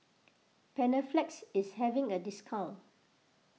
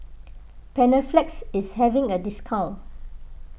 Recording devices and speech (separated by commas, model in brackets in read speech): mobile phone (iPhone 6), boundary microphone (BM630), read sentence